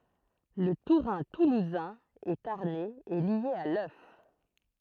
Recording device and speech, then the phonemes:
throat microphone, read sentence
lə tuʁɛ̃ tuluzɛ̃ e taʁnɛz ɛ lje a lœf

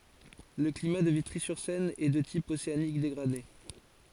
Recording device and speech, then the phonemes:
forehead accelerometer, read sentence
lə klima də vitʁizyʁsɛn ɛ də tip oseanik deɡʁade

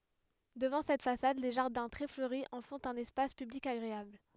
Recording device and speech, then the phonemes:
headset microphone, read sentence
dəvɑ̃ sɛt fasad le ʒaʁdɛ̃ tʁɛ fløʁi ɑ̃ fɔ̃t œ̃n ɛspas pyblik aɡʁeabl

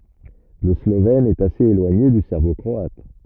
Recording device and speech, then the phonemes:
rigid in-ear microphone, read sentence
lə slovɛn ɛt asez elwaɲe dy sɛʁbo kʁɔat

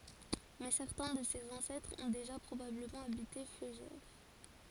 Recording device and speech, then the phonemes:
forehead accelerometer, read sentence
mɛ sɛʁtɛ̃ də sez ɑ̃sɛtʁz ɔ̃ deʒa pʁobabləmɑ̃ abite føʒɛʁ

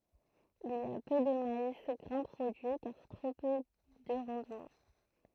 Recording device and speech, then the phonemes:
throat microphone, read sentence
il i a pø də mais ɡʁɛ̃ pʁodyi kaʁ tʁo pø də ʁɑ̃dmɑ̃

